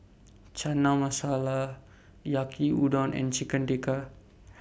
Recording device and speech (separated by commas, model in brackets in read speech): boundary microphone (BM630), read sentence